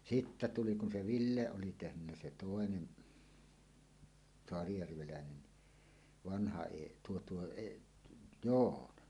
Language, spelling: Finnish, sitten tuli kun se Ville oli tehnyt se toinen saarijärveläinen niin vanha - tuo tuo - Joona -
- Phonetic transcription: sittä 'tuli kun 'se "Ville 'oli 'tehnynnä "se "tòenen , 'soarijärvelä̀enen ni , "vanha 'eˀ- , 'tuo tuo eˀ- , "joon a .

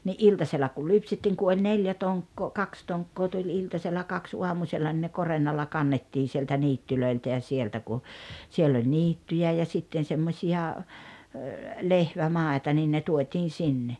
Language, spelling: Finnish, niin iltasella kun lypsettiin kun oli neljä tonkkaa kaksi tonkkaa tuli iltasella kaksi aamusella no ne korennolla kannettiin sieltä niityiltä ja sieltä kun siellä oli niittyjä ja sitten semmoisia lehvämaita niin ne tuotiin sinne
- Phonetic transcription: ni’ "’iltasella kul 'lypsettiiŋ ku oĺ 'neljä 'toŋkkoo "kaks 'toŋkkoo tuĺ 'iltasella 'kaks 'uamusella nⁱ ne "korennalla 'kannettiin̬ sieltä 'niittylöiltä ja 'sieltä ku , siell ‿oĺ "niittyjä̀ ja 'sitten̬ 'semmośi₍a , "lehvämàeta nin ne 'tuot́iin̬ 'sinne .

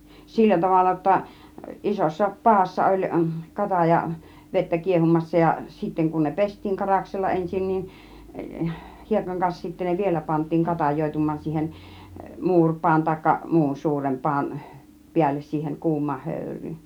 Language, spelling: Finnish, sillä tavalla jotta isossa padassa oli - katajavettä kiehumassa ja sitten kun ne pestiin karaksella ensin niin hiekan kanssa sitten ne vielä pantiin katajoitumaan siihen muuripadan tai muun suuren padan päälle siihen kuumaan höyryyn
- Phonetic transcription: sillä 'tavalla (j)otta , 'isossa 'paassa oĺ , 'kataja- , 'vettä 'kiehumassa ja , sitteŋ kun ne "pest̆tiiŋ 'karaksella 'ensin niin , 'hiekaŋ kans sittä ne "vielä pant̆tiiŋ 'katajoitum̆maan siihen , 'muurpaan tàikka , 'muun 'suurem 'paan , 'piälles siihen , 'kuum̆maah 'hö̀yr̆ryyn .

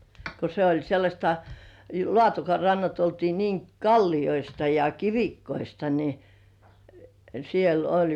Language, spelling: Finnish, kun se oli sellaista Laatokan rannat oltiin niin kallioista ja kivikkoista niin siellä oli
- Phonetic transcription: ko se oĺ sellaśta , 'Lŏ§àtoka rannat oltii niiŋ "kalliʲoista ja "kivikkoista ni , siel ‿'oĺ .

